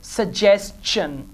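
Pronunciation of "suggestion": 'Suggestion' is pronounced correctly here.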